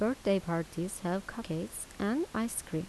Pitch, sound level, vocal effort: 195 Hz, 78 dB SPL, soft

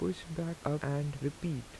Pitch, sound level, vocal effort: 145 Hz, 79 dB SPL, soft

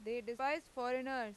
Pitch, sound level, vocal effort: 250 Hz, 94 dB SPL, loud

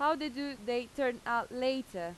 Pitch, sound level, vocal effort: 255 Hz, 90 dB SPL, loud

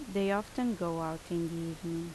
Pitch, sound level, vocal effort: 170 Hz, 78 dB SPL, normal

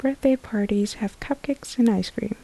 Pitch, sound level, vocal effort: 230 Hz, 72 dB SPL, soft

